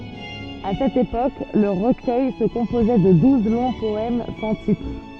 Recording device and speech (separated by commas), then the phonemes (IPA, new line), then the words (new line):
soft in-ear microphone, read sentence
a sɛt epok lə ʁəkœj sə kɔ̃pozɛ də duz lɔ̃ pɔɛm sɑ̃ titʁ
À cette époque, le recueil se composait de douze longs poèmes sans titre.